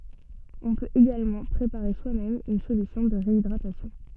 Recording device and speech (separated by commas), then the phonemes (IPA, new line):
soft in-ear microphone, read sentence
ɔ̃ pøt eɡalmɑ̃ pʁepaʁe swamɛm yn solysjɔ̃ də ʁeidʁatasjɔ̃